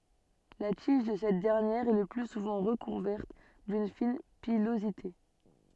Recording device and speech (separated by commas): soft in-ear microphone, read sentence